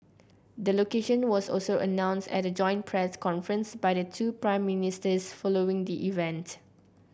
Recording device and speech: boundary microphone (BM630), read sentence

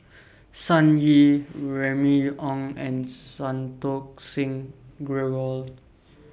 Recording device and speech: boundary microphone (BM630), read sentence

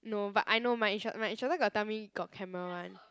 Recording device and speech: close-talking microphone, conversation in the same room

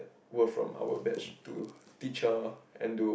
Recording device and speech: boundary microphone, conversation in the same room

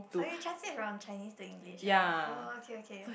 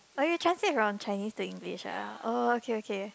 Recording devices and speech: boundary microphone, close-talking microphone, conversation in the same room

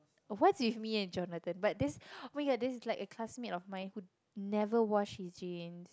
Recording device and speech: close-talking microphone, conversation in the same room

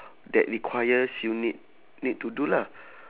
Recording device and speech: telephone, conversation in separate rooms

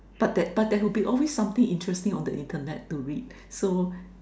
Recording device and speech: standing microphone, conversation in separate rooms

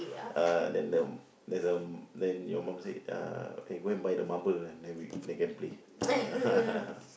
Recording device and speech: boundary microphone, conversation in the same room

